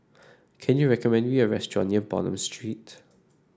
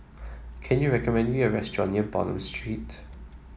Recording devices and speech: standing microphone (AKG C214), mobile phone (iPhone 7), read sentence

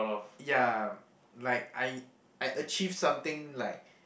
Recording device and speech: boundary microphone, conversation in the same room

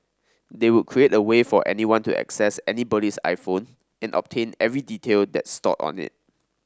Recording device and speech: standing microphone (AKG C214), read sentence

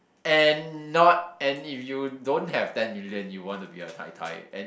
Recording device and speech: boundary microphone, conversation in the same room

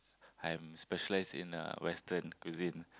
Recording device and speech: close-talking microphone, conversation in the same room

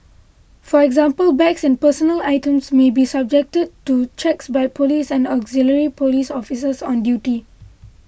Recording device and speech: boundary microphone (BM630), read sentence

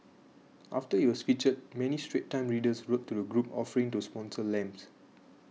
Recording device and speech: mobile phone (iPhone 6), read sentence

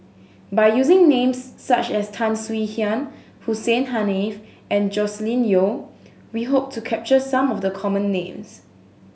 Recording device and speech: mobile phone (Samsung S8), read sentence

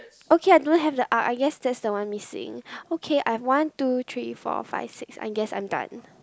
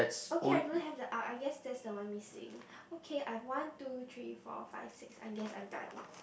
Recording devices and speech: close-talking microphone, boundary microphone, conversation in the same room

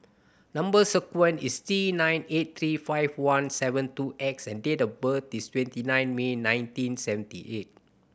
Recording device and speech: boundary microphone (BM630), read sentence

